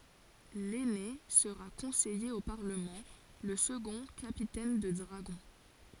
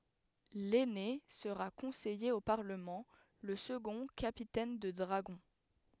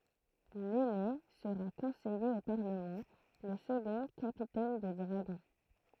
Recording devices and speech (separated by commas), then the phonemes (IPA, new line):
forehead accelerometer, headset microphone, throat microphone, read sentence
lɛne səʁa kɔ̃sɛje o paʁləmɑ̃ lə səɡɔ̃ kapitɛn də dʁaɡɔ̃